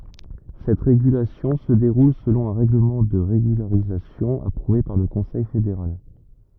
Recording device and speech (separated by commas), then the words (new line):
rigid in-ear microphone, read sentence
Cette régulation se déroule selon un règlement de régularisation approuvé par le Conseil fédéral.